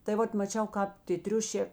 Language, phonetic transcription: Lithuanian, tai ˈvat maˈčiau ˈkāp tė ˈtriušė

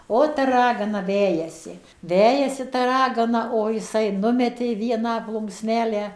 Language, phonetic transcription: Lithuanian, ˈo ta ˈragana ˈvejasi ˈvejasi ta ˈragana o jiˈsai ˈnumetė ˈvieną ˈplunksˈnelę

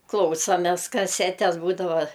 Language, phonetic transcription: Lithuanian, ˈklausomes kaˈsetes ˈbūdava

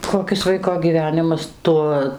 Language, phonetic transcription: Lithuanian, koˈkis ˈvaiko gyˈvenimas ˈtuo

